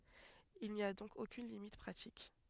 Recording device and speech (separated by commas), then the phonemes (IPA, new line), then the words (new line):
headset microphone, read sentence
il ni a dɔ̃k okyn limit pʁatik
Il n'y a donc aucune limite pratique.